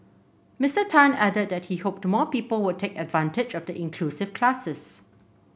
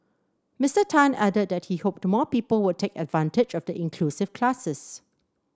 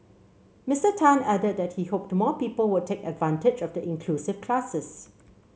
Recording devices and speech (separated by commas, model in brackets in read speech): boundary microphone (BM630), standing microphone (AKG C214), mobile phone (Samsung C7), read sentence